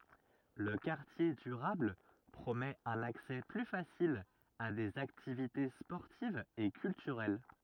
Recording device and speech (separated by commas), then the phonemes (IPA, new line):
rigid in-ear microphone, read sentence
lə kaʁtje dyʁabl pʁomɛt œ̃n aksɛ ply fasil a dez aktivite spɔʁtivz e kyltyʁɛl